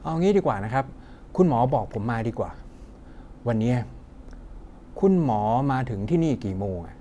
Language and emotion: Thai, frustrated